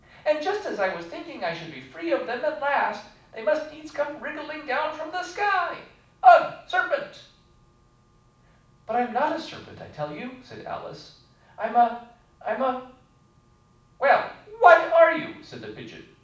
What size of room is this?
A mid-sized room (about 5.7 m by 4.0 m).